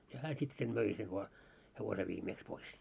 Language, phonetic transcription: Finnish, ja 'hää sit sen 'möi sev vaa- , 'hevose viimeeks 'pois .
- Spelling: ja hän sitten sen möi sen - hevosen viimeksi pois

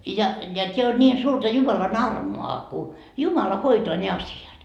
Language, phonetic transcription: Finnish, ja , ja 't́eä on ńiin suurta 'Jumalan "armo₍a ku , "Jumala hoitoa ne 'asi₍at .
- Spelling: ja ja tämä on niin suurta Jumalan armoa kun Jumala hoitaa ne asiat

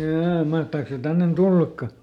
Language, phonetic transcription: Finnish, ˈjaa , ˈmahtàks se ˈtännen "tullakka ?
- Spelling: jaa mahtaako se tänne tullakaan

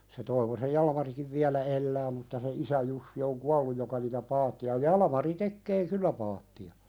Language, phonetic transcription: Finnish, se 'Toivosej "Jalᵃmarikiv viälä 'ellää mutta se "isä jussi oŋ 'kualluj joka niitä "paatti₍a 'Jalᵃmari 'tekkee "kyllä paatti₍a .
- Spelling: se Toivosen Jalmarikin vielä elää mutta se isä Jussi on kuollut joka niitä paatteja Jalmari tekee kyllä paatteja

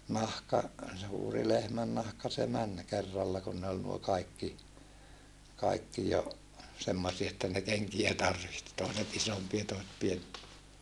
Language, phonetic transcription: Finnish, nahka , suuri lehmännahka se män , kerralla kun ne ol nuo nuo kaikki , kaikki jo , semmosie että ne keŋkiä tarvihti tòiset isompia toiset pien(empiä) .
- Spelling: nahka suuri lehmännahka se meni kerralla kun ne oli nuo nuo kaikki kaikki jo semmoisia että ne kenkiä tarvitsi toiset isompia toiset pienempiä

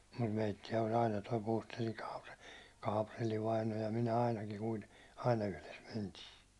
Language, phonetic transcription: Finnish, mut meitti₍ä oĺ 'aina toi Puustelliŋ Kaapre- , 'Kaaprelli vaino ja 'minä ainakiŋ kuite- , "aina yhles 'mentii .
- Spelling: mutta meitä oli aina tuo Puustellin - Kaaprelli vainaja ja minä ainakin - aina yhdessä mentiin

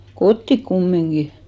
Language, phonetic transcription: Finnish, "kottik "kummiŋɢi !
- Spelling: kotiin kumminkin

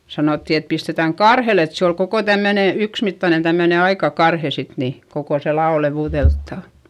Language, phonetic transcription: Finnish, sanòtti et pistetäŋ karhel ‿et se ol koko tämmöne , yksmittanen̬ tämmöne aika karhe sit ni , kokò se la₍o levùδelttàn̬ .
- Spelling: sanottiin että pistetään karhelle että se oli koko tämmöinen yksimittainen tämmöinen aika karhe sitten niin koko se lavo leveydeltään

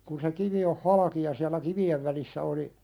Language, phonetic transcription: Finnish, kun se 'kivi oh "halaki ja siäl̆lä 'kivi₍ev välissä oli ,.
- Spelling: kun se kivi on halki ja siellä kivien välissä oli

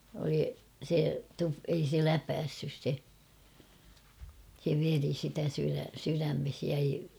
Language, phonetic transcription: Finnish, oli se tu- ei se "läpässys se , se 'veri sitä syrä- syrämmeh jäi ...
- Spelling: oli se - ei se läpäissyt se se veri sitä - sydämeen jäi

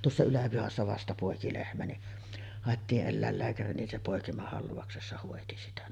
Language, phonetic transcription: Finnish, 'tuossa 'Yläpihassa vasta pòeki lehmä ni , 'hàettiiˀ 'ˀellä̀ellääkäri nin se 'pòekimahalvauksessa hòeti sitä .
- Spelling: tuossa Yläpihassa vasta poiki lehmä niin haettiin eläinlääkäri niin se poikimahalvauksessa hoiti sitä

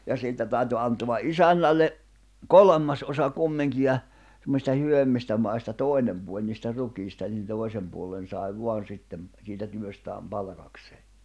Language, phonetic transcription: Finnish, ja 'siitä tä̀yty anto̭a "’isännälle , "kolᵒmmas ’osa 'kummiŋki ja , semmosista 'hyvemmistä mai̬sta 'tòinem puoĺ niistä 'rukiista nin 'tòi̬sem puollen̬ sài 'vo̭an̬ 'sittem , siitä 'työstääm 'palᵃkaksee .
- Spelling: ja siitä täytyi antaa isännälle kolmas osa kumminkin ja semmoisista hyvemmistä maista toinen puoli niistä rukiista niin toisen puolen sai vain sitten siitä työstään palkakseen

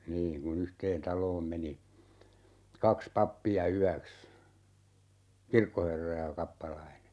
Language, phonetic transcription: Finnish, 'niin , ku"n ‿yhteen 'taloom 'meni , 'kaks 'pappi₍a "yäks , "kirkkoherra ja 'kappalaine .
- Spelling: niin kun yhteen taloon meni kaksi pappia yöksi kirkkoherra ja kappalainen

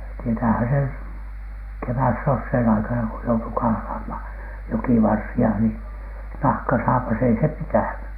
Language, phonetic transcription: Finnish, tietäähän sen , "kevässosheen aikana ko joutu 'kahlaamhaN , 'jokivarsi₍a ni , 'nahkasaapas ei se "pitä̀ny .
- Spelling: tietäähän sen kevätsoseen aikana kun joutui kahlaamaan jokivarsia niin nahkasaapas ei se pitänyt

